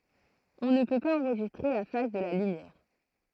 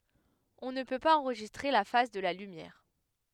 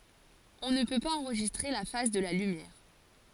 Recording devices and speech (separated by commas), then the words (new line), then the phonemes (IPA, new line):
throat microphone, headset microphone, forehead accelerometer, read sentence
On ne peut pas enregistrer la phase de la lumière.
ɔ̃ nə pø paz ɑ̃ʁʒistʁe la faz də la lymjɛʁ